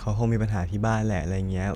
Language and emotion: Thai, neutral